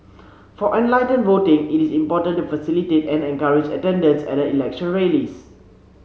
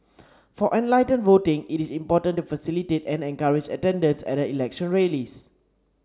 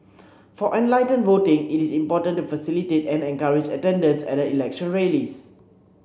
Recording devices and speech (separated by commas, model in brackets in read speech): mobile phone (Samsung C7), standing microphone (AKG C214), boundary microphone (BM630), read sentence